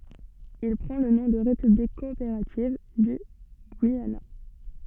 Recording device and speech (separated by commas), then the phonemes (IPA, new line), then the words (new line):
soft in-ear microphone, read sentence
il pʁɑ̃ lə nɔ̃ də ʁepyblik kɔopeʁativ dy ɡyijana
Il prend le nom de République coopérative du Guyana.